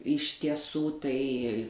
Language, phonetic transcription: Lithuanian, iš tieˈsų ˈtai

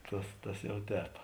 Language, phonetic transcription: Lithuanian, ˈtas tas ˈjau ˈtēp

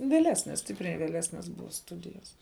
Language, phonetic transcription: Lithuanian, vėˈlesnes ˈstipriai vėˈlesnes ˈbuva ˈstudijas

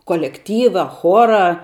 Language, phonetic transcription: Lithuanian, kolekˈtyva ˈchora

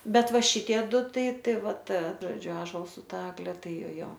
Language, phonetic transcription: Lithuanian, ˈbet ˈva ˈšitie ˈdu ˈtai ˈtai ˈva ˈta ˈžodžiu ąžols su ˈta ˈagle ˈtai ˈjo ˈjo

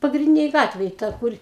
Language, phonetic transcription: Lithuanian, pagrinˈdinėj ˈgatvėj ˈta ˈkur

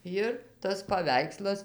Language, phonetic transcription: Lithuanian, ˈjir tas paˈveikslas

